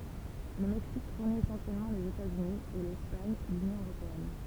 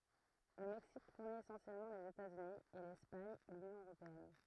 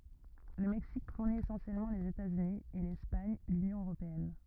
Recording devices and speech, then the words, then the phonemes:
temple vibration pickup, throat microphone, rigid in-ear microphone, read sentence
Le Mexique fournit essentiellement les États-Unis, et l'Espagne l'Union européenne.
lə mɛksik fuʁni esɑ̃sjɛlmɑ̃ lez etatsyni e lɛspaɲ lynjɔ̃ øʁopeɛn

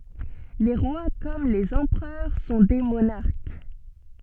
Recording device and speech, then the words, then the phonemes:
soft in-ear microphone, read sentence
Les rois comme les empereurs sont des monarques.
le ʁwa kɔm lez ɑ̃pʁœʁ sɔ̃ de monaʁk

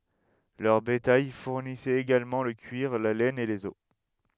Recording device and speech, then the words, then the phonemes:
headset microphone, read sentence
Leur bétail fournissait également le cuir, la laine et les os.
lœʁ betaj fuʁnisɛt eɡalmɑ̃ lə kyiʁ la lɛn e lez ɔs

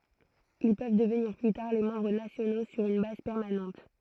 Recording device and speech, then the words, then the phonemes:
throat microphone, read sentence
Ils peuvent devenir plus tard les membres nationaux sur une base permanente.
il pøv dəvniʁ ply taʁ le mɑ̃bʁ nasjono syʁ yn baz pɛʁmanɑ̃t

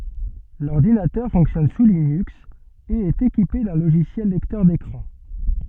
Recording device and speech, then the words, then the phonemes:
soft in-ear microphone, read sentence
L'ordinateur fonctionne sous Linux et est équipé d'un logiciel lecteur d'écran.
lɔʁdinatœʁ fɔ̃ksjɔn su linyks e ɛt ekipe dœ̃ loʒisjɛl lɛktœʁ dekʁɑ̃

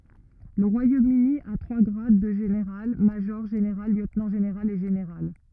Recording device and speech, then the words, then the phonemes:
rigid in-ear microphone, read sentence
Le Royaume-Uni à trois grades de général: major général, lieutenant général et général.
lə ʁwajomøni a tʁwa ɡʁad də ʒeneʁal maʒɔʁ ʒeneʁal ljøtnɑ̃ ʒeneʁal e ʒeneʁal

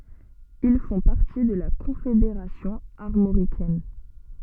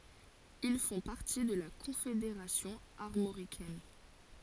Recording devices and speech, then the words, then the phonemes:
soft in-ear microphone, forehead accelerometer, read sentence
Ils font partie de la Confédération armoricaine.
il fɔ̃ paʁti də la kɔ̃fedeʁasjɔ̃ aʁmoʁikɛn

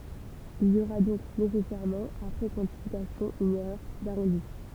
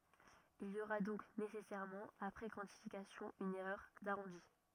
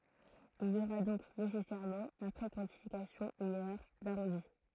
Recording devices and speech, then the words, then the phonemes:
temple vibration pickup, rigid in-ear microphone, throat microphone, read sentence
Il y aura donc nécessairement, après quantification, une erreur d'arrondi.
il i oʁa dɔ̃k nesɛsɛʁmɑ̃ apʁɛ kwɑ̃tifikasjɔ̃ yn ɛʁœʁ daʁɔ̃di

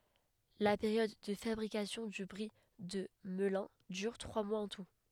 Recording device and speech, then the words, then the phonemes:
headset microphone, read sentence
La période de fabrication du Brie de Melun dure trois mois en tout.
la peʁjɔd də fabʁikasjɔ̃ dy bʁi də məlœ̃ dyʁ tʁwa mwaz ɑ̃ tu

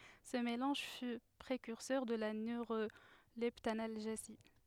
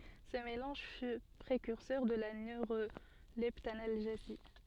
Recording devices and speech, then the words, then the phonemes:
headset microphone, soft in-ear microphone, read sentence
Ce mélange fut précurseur de la neuroleptanalgésie.
sə melɑ̃ʒ fy pʁekyʁsœʁ də la nøʁolɛptanalʒezi

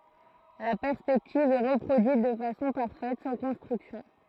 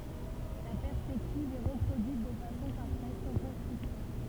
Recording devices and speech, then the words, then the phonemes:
throat microphone, temple vibration pickup, read sentence
La perspective est reproduite de façon parfaite, sans construction.
la pɛʁspɛktiv ɛ ʁəpʁodyit də fasɔ̃ paʁfɛt sɑ̃ kɔ̃stʁyksjɔ̃

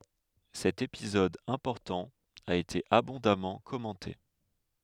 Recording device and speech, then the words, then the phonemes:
headset microphone, read sentence
Cet épisode important a été abondamment commenté.
sɛt epizɔd ɛ̃pɔʁtɑ̃ a ete abɔ̃damɑ̃ kɔmɑ̃te

